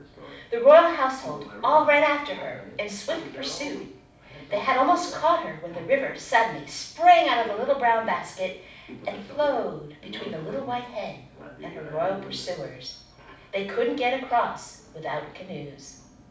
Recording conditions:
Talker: one person; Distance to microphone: 5.8 m; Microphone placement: far; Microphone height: 1.8 m; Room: medium-sized (5.7 m by 4.0 m); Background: television

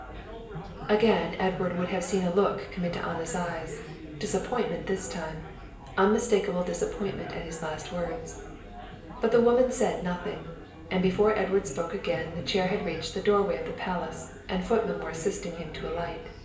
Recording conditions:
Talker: one person; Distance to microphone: 1.8 m; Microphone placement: close; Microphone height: 1.0 m; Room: large; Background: babble

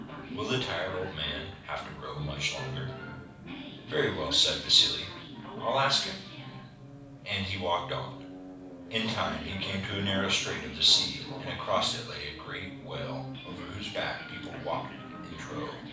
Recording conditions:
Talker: one person; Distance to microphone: 5.8 m; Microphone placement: far; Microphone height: 1.8 m; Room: medium-sized (5.7 m by 4.0 m); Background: television

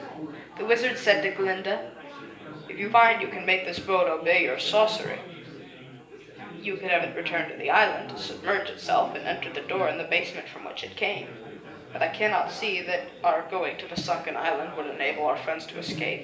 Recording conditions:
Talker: one person; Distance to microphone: 1.8 m; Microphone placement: close; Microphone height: 1.0 m; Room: large; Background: babble

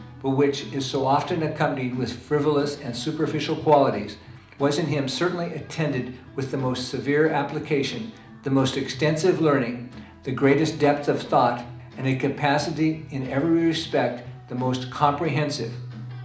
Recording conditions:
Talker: one person; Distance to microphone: 2.0 m; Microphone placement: close; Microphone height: 99 cm; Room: medium-sized (5.7 m by 4.0 m); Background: music

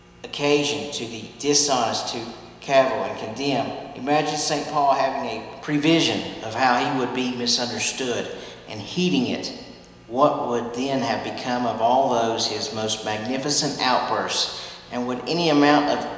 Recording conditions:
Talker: one person; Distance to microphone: 1.7 m; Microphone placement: close; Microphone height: 1.0 m; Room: very reverberant, large; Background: none

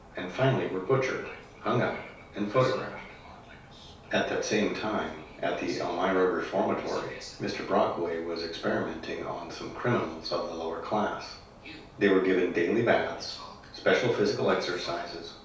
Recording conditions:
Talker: one person; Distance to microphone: 3.0 m; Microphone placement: far; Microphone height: 1.8 m; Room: small (3.7 m by 2.7 m); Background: television

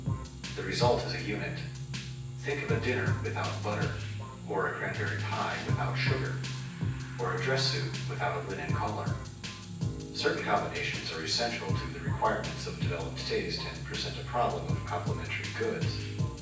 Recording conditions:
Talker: one person; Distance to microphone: 9.8 m; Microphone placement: far; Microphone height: 1.8 m; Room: large; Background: music

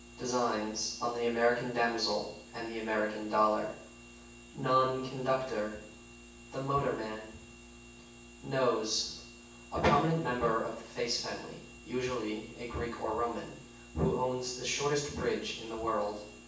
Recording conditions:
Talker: one person; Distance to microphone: 9.8 m; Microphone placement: far; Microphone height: 1.8 m; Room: large; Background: none

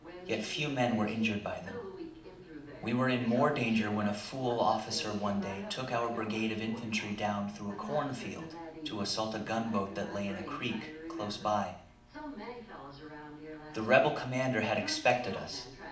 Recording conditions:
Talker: one person; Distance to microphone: 2.0 m; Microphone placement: close; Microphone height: 99 cm; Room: medium-sized (5.7 m by 4.0 m); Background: television

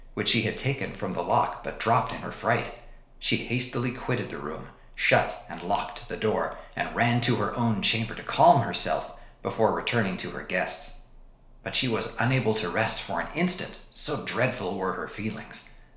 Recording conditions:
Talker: one person; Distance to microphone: 1.0 m; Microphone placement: close; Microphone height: 1.1 m; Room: small (3.7 m by 2.7 m); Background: none

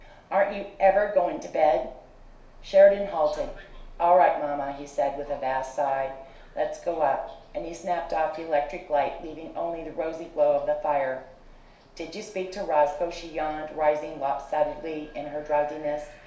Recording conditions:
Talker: one person; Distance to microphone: 1.0 m; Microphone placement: close; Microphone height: 1.1 m; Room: small (3.7 m by 2.7 m); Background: television

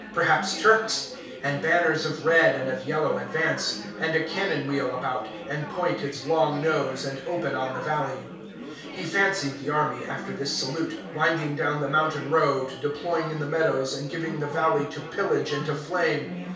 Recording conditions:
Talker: one person; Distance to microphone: 3.0 m; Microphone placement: far; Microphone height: 1.8 m; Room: small (3.7 m by 2.7 m); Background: babble

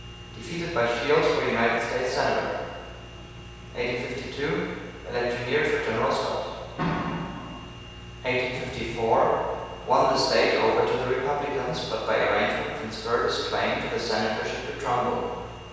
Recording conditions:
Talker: one person; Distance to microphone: 7.1 m; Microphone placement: far; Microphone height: 1.7 m; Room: very reverberant, large; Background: none

